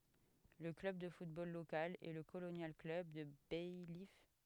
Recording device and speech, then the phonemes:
headset microphone, read sentence
lə klœb də futbol lokal ɛ lə kolonjal klœb də bajif

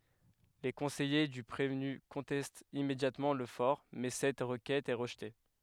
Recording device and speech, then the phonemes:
headset microphone, read sentence
le kɔ̃sɛje dy pʁevny kɔ̃tɛstt immedjatmɑ̃ lə fɔʁ mɛ sɛt ʁəkɛt ɛ ʁəʒte

